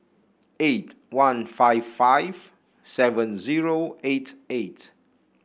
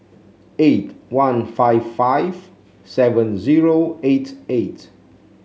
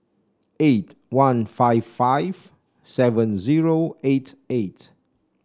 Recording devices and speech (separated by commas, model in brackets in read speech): boundary microphone (BM630), mobile phone (Samsung C7), standing microphone (AKG C214), read sentence